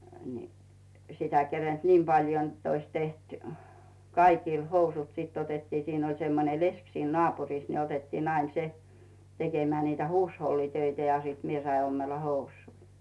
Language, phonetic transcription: Finnish, ni , 'sitä 'kerenD "niim 'paljo n̥tt ‿ois 'teht , 'kaikìl 'housut sit otettii siin ‿oĺ semmone "lesk siin 'nᵒàpur̀is ne 'otettiinn ‿ain "se , 'tekemᵉä̀ niitä "huushollitöitä ja siit 'mie sai ommella "hous̀uuⁱ .
- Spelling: niin sitä kerinnyt niin paljon jotta olisi tehty kaikille housut sitten otettiin siinä oli semmoinen leski siinä naapurissa ne otettiin aina se tekemään niitä huushollitöitä ja sitten minä sain ommella housuja

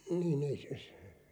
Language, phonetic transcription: Finnish, niin ‿ei se s- ,.
- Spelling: niin ei se -

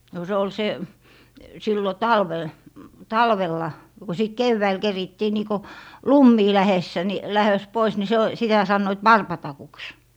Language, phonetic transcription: Finnish, no se ‿ol 'se , 'sillo "talvel , "talvella , no ko sit "kevväil 'kerittii nii ko , "lummii 'lähessä ni , 'lähös 'pois , ni se o , 'sitä 'sannoit "warpatakuks .
- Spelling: no se oli se silloin talvella talvella no kun sitten keväällä kerittiin niin kuin lumiin lähdössä niin lähdössä pois niin se on sitä sanoivat varpatakuksi

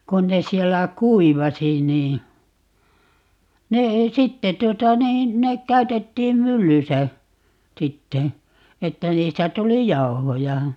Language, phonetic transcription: Finnish, 'kun ne 'siellä "kuivasi nii , 'ne ei "sitte 'tuota 'niin , 'nek 'käytettiim "myllysä , 'sitte , 'että 'niistä "tuli "jau̬hoja .
- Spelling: kun ne siellä kuivasi niin ne ei sitten tuota niin ne käytettiin myllyssä sitten että niistä tuli jauhoja

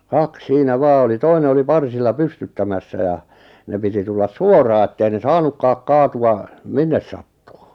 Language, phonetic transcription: Finnish, kak 'siinä "vaa oli 'toine oli 'parsilla 'pystyttämässä ja , 'ne piti 'tullas "suoraa ettei ne "saanukkaak 'kaatu₍a , "minnes sattᴜᴜ .
- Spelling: kaksi siinä vain oli toinen oli parsilla pystyttämässä ja ne piti tulla suoraan että ei ne saanutkaan kaatua minne sattuu

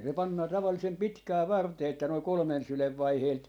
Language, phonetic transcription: Finnish, se 'pannaa tavallisem "pitkää 'vartee että noi 'kolᵒmen 'sylev 'vaiheelt ,.
- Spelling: se pannaan tavallisen pitkään varteen että noin kolmen sylen vaiheelta

